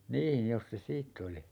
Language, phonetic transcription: Finnish, 'niin̬ , 'jos se "siitt ‿oli .
- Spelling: niin jos se siitä oli

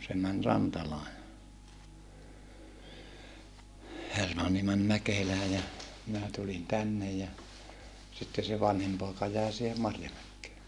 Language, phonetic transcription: Finnish, se män Rantalaa ja , Hermanni män Mäkelää ja , minä tulin tännej ja , sitte se vanhim pòeka jä̀e sihe Marjamäkkee .
- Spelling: se meni Rantalaan ja Hermanni meni Mäkelään ja minä tulin tänne ja sitten se vanhin poika jäi siihen Marjamäkeen

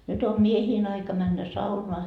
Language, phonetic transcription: Finnish, nyt ‿o "miehiin aika männä 'saunoa .
- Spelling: nyt on miesten aika mennä saunaan

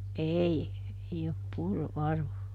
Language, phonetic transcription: Finnish, "ʼei , ˈei op ˈpurru ˈʼarvo .
- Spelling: ei ei ole purrut arvon

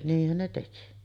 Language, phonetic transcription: Finnish, 'niihhän ne teki .
- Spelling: niinhän ne teki

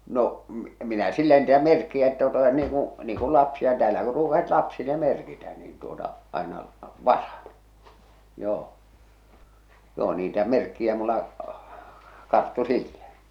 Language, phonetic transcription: Finnish, no , m- minä "sillä niitä 'merkki₍ä että tuota niiŋ ku , niiŋ kul 'lapsia , täälä kur ruukasit 'lapsile "merkitä niin tuota , àena , "vasaɴ , joo , joo niitä 'merkki₍ä mulla , 'karttu "sillä .
- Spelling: no - minä sillä niitä merkkejä että tuota niin kuin niin kuin lapsia täällä kun ruukasivat lapsille merkitä niin tuota aina vasan joo joo niitä merkkejä minulla karttui sillä

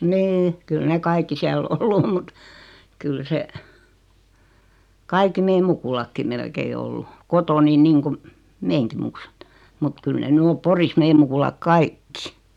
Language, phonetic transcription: Finnish, 'ni₍'i , 'kyl ne "kaikki 'siäl "ollu om mut , kyl 'se , 'kaikki "meim 'mukulakkim melkei 'ollu , "kotooni 'niiŋkum , 'meeŋki muksut , mut 'kyl ne 'ny om "Poris 'meem mukulak "kaikki .
- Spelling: niin kyllä ne kaikki siellä ollut on mutta kyllä se kaikki meidän mukulatkin melkein ollut kotoani niin kuin meidänkin muksut mutta kyllä ne nyt on Porissa meidän mukulat kaikki

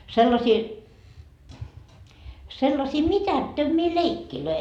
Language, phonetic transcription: Finnish, 'sellasii , sellasii "mitättömmii "leikkilöi .
- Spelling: sellaisia sellaisia mitättömiä leikkejä

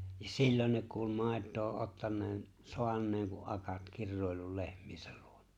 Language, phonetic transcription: Finnish, ja "sillon ne kuul 'mài̬t̆too '’ottan̆neen , 'soan̆neeŋ ku '’akat 'kirròi̬llul 'lehm̀(iesäl) ʟᴜᴏɴᴀ .
- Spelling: ja silloin ne kuuli maitoa ottaneen saaneen kun akat kiroillut lehmiensä luona

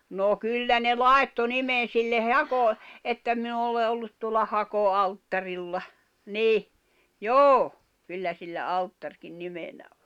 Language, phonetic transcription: Finnish, nò 'kyllä ne "làetto "nimen̬ silleʰ "hako- , että » min ‿ole ollut tuola 'hako'alttarilla « , 'ni , "joo , 'kyllä sillä 'alttarkin 'nimenä ᴏ .
- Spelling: no kyllä ne laittoi nimen sille - että minä olen ollut tuolla hakoalttarilla niin joo kyllä sillä alttarikin nimenä on

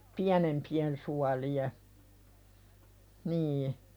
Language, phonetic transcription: Finnish, piänempi₍en suali₍e , 'nii .
- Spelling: pienempien suolien niin

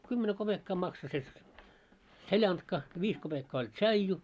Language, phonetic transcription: Finnish, 'kymmene 'koʙekkaa makso se , "seĺantka , 'viis 'koʙekkaa oĺ "tšaiju .
- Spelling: kymmenen kopeekkaa maksoi se seljanka viisi kopeekkaa oli tsaiju

